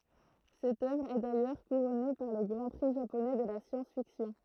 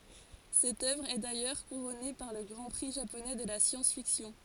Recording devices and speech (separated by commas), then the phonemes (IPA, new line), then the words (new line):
throat microphone, forehead accelerometer, read sentence
sɛt œvʁ ɛ dajœʁ kuʁɔne paʁ lə ɡʁɑ̃ pʁi ʒaponɛ də la sjɑ̃sfiksjɔ̃
Cette œuvre est d'ailleurs couronnée par le Grand Prix japonais de la science-fiction.